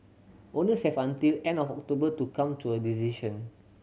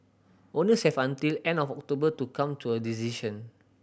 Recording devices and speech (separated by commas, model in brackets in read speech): mobile phone (Samsung C7100), boundary microphone (BM630), read sentence